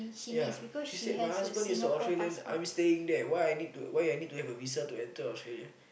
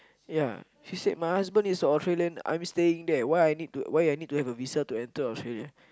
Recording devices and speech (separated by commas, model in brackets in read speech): boundary microphone, close-talking microphone, conversation in the same room